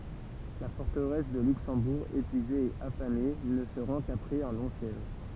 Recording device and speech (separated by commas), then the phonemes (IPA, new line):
temple vibration pickup, read sentence
la fɔʁtəʁɛs də lyksɑ̃buʁ epyize e afame nə sə ʁɑ̃ kapʁɛz œ̃ lɔ̃ sjɛʒ